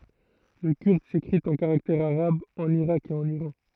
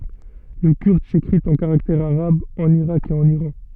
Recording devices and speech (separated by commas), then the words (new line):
throat microphone, soft in-ear microphone, read sentence
Le kurde s'écrit en caractères arabes en Irak et en Iran.